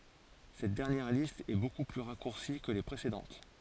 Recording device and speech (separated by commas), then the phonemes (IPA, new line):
forehead accelerometer, read sentence
sɛt dɛʁnjɛʁ list ɛ boku ply ʁakuʁsi kə le pʁesedɑ̃t